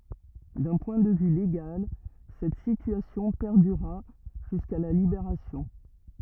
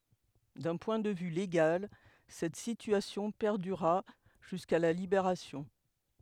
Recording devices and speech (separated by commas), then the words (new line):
rigid in-ear microphone, headset microphone, read sentence
D'un point de vue légal, cette situation perdura jusqu'à la Libération.